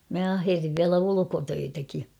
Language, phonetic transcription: Finnish, 'mä "aherriv viälä "ulukotöitäki .
- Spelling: minä ahersin vielä ulkotöitäkin

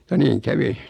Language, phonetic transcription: Finnish, ja 'niiŋ "kävi .
- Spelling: ja niin kävi

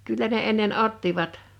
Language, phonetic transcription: Finnish, 'kyllä ne ennen "’ottivat .
- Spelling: kyllä ne ennen ottivat

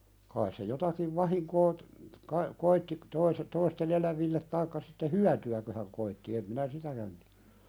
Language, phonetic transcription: Finnish, kais se 'jotakiv 'vahiŋkoo , kai , koitti , toise- , toiste"n ‿elävillet taikka sitte "hyäty₍äkö hän koitti em minä "sitäkän (tɪᴀ̈) .
- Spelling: kai se jotakin vahinkoa kai koetti toisen toisten eläville tai sitten hyötyäkö hän koetti en minä sitäkään tiedä

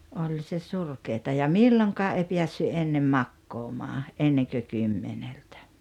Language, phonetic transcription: Finnish, 'oĺ se "surkeeta ja "milloŋkaa 'ei 'piässy "ennem "makkoomaa , '’enneŋkö "kymmeneltᴀ̈ .
- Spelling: oli se surkeaa ja milloinkaan ei päässyt ennen makaamaan ennen kuin kymmeneltä

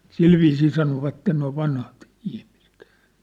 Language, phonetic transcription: Finnish, se- , "silviisii "sanovatten noi 'vanhat , ihmisᴇt .
- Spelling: - sillä viisiin sanovat nuo vanhat ihmiset

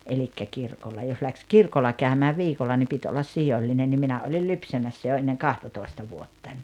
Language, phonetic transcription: Finnish, elikkä 'kirkolla jos läks "kirkolla 'kä̀ömää "viikolla ni 'pit ollas "sijoĺĺinen nim 'minä olil "lypsämässä jo enneŋ "kahtatòi̬sta 'vuottań .
- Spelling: eli kirkolla jos lähti kirkolla käymään viikolla niin piti olla sijoillinen niin minä olin lypsämässä jo ennen kahtatoista vuotta

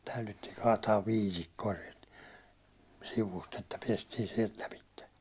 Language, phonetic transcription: Finnish, 'taylyttiiŋ 'kaataav "viitikko₍a siɛlt , 'sivust että 'piestiin sielt 'läpitte .
- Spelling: täydyttiin kaataa viitikkoa sieltä sivusta että päästiin sieltä läpi

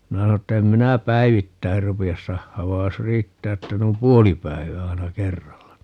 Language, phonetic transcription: Finnish, 'minä sano että » 'em 'minä "päivittäir 'rupi₍as 'sahhaav 'vai̮j jos "riittää 'että 'nuim "puoli 'päivää 'aina "kerralla (ni) » .
- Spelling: minä sanoin että en minä päivittäin rupea sahaamaan vaan jos riittää että noin puoli päivää aina kerralla niin

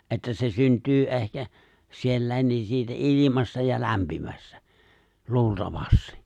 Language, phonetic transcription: Finnish, '’että se 'synt̀yy '’ehkä , 'siellä̀i̬n̆ ni siitä '’ilimasta ja 'lämpimästä , 'luulta-vasti .
- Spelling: että se syntyy ehkä siellä niin siitä ilmasta ja lämpimästä luultavasti

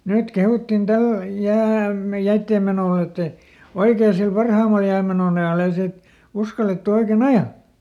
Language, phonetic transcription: Finnish, ˈnyt ˈkehuttin "täl ˈjääm- , ˈjäitteem menò ettɛ , ˈoikee sil "parhàmal ˈjäämenoˈn ‿ajàl ‿ei ˈsiit , ˈuskalettu oike"n ‿aja .
- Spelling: nyt kehuttiin tällä - jäiden menoa että oikein sillä parhaimmalla jäämenon ajalla ei siitä uskallettu oikein ajaa

